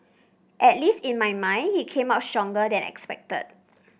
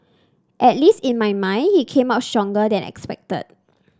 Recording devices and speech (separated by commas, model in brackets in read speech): boundary microphone (BM630), standing microphone (AKG C214), read sentence